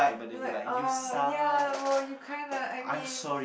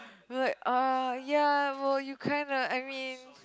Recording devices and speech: boundary microphone, close-talking microphone, conversation in the same room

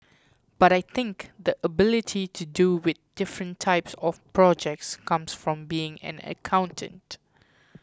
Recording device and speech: close-talking microphone (WH20), read sentence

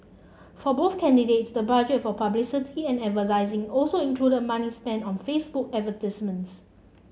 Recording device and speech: mobile phone (Samsung C7), read sentence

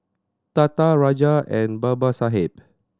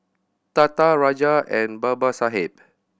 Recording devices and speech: standing microphone (AKG C214), boundary microphone (BM630), read sentence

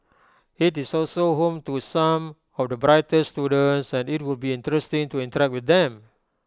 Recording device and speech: close-talking microphone (WH20), read sentence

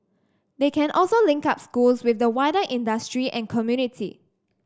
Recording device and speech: standing microphone (AKG C214), read sentence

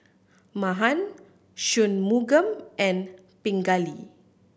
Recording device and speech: boundary microphone (BM630), read sentence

